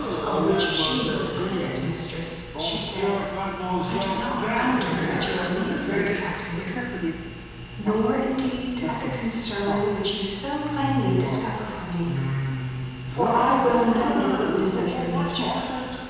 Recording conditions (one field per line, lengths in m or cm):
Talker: one person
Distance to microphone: 7.1 m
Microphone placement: far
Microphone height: 1.7 m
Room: very reverberant, large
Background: television